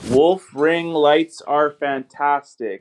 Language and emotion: English, neutral